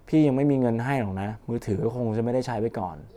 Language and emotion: Thai, sad